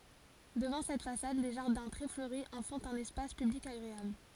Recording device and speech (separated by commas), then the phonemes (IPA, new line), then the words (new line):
forehead accelerometer, read sentence
dəvɑ̃ sɛt fasad le ʒaʁdɛ̃ tʁɛ fløʁi ɑ̃ fɔ̃t œ̃n ɛspas pyblik aɡʁeabl
Devant cette façade, les jardins très fleuris en font un espace public agréable.